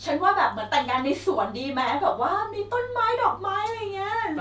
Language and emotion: Thai, happy